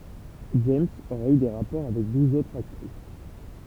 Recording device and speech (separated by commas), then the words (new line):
temple vibration pickup, read sentence
James aurait eu des rapports avec douze autres actrices.